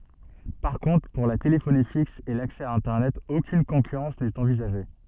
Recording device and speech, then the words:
soft in-ear microphone, read sentence
Par contre pour la téléphonie fixe et l'accès à internet aucune concurrence n'est envisagée.

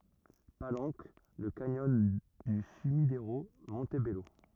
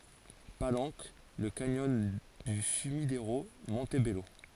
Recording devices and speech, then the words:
rigid in-ear microphone, forehead accelerometer, read sentence
Palenque, le canyon du Sumidero, Montebello.

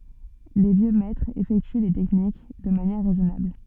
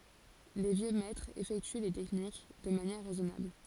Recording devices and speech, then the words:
soft in-ear microphone, forehead accelerometer, read sentence
Les vieux maîtres effectuent les techniques de manière raisonnable.

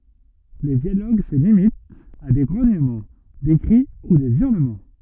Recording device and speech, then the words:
rigid in-ear microphone, read sentence
Les dialogues se limitent à des grognements, des cris ou des hurlements.

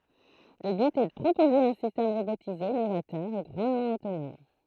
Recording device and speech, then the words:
throat microphone, read sentence
Le but est de proposer un système robotisé novateur et grandement autonome.

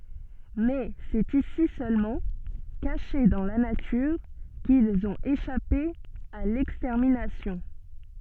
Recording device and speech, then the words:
soft in-ear microphone, read sentence
Mais c'est ici seulement, cachés dans la nature, qu'ils ont échappé à l'extermination.

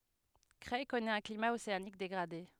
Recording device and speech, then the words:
headset microphone, read sentence
Creil connaît un climat océanique dégradé.

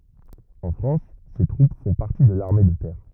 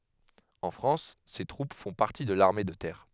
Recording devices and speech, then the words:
rigid in-ear microphone, headset microphone, read sentence
En France, ces troupes font partie de l'armée de terre.

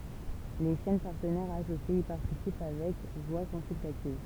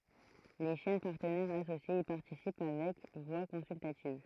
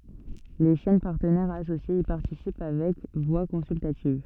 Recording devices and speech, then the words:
temple vibration pickup, throat microphone, soft in-ear microphone, read sentence
Les chaînes partenaires associées y participent avec voix consultative.

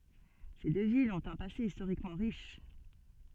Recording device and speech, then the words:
soft in-ear microphone, read sentence
Ces deux villes ont un passé historiquement riche.

